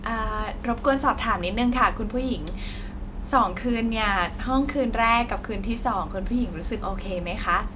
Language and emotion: Thai, happy